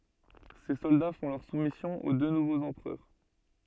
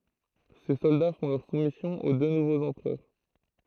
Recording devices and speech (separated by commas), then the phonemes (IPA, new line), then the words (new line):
soft in-ear microphone, throat microphone, read sentence
se sɔlda fɔ̃ lœʁ sumisjɔ̃ o dø nuvoz ɑ̃pʁœʁ
Ses soldats font leur soumission aux deux nouveaux empereurs.